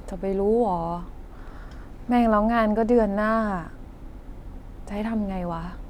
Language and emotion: Thai, frustrated